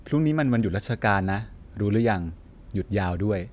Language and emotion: Thai, neutral